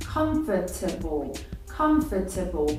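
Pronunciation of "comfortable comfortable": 'Comfortable' is said the way it is spelled, keeping the sound that natural speech drops. This full form is not how the word is normally said.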